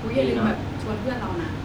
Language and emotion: Thai, neutral